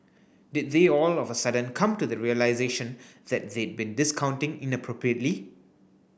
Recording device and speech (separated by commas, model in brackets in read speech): boundary microphone (BM630), read sentence